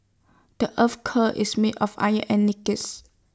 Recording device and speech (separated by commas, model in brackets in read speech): standing microphone (AKG C214), read sentence